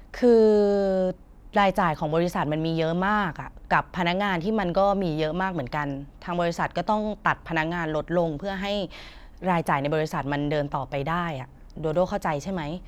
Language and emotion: Thai, frustrated